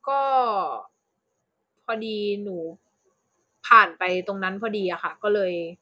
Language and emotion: Thai, neutral